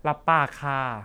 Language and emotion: Thai, neutral